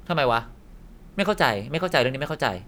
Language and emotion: Thai, frustrated